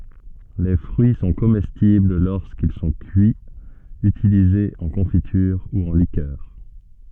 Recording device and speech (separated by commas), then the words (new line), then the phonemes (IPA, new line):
soft in-ear microphone, read sentence
Les fruits sont comestibles lorsqu'ils sont cuits, utilisés en confiture ou en liqueur.
le fʁyi sɔ̃ komɛstibl loʁskil sɔ̃ kyiz ytilizez ɑ̃ kɔ̃fityʁ u ɑ̃ likœʁ